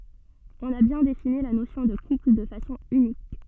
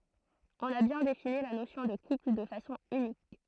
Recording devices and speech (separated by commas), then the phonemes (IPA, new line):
soft in-ear microphone, throat microphone, read sentence
ɔ̃n a bjɛ̃ defini la nosjɔ̃ də kupl də fasɔ̃ ynik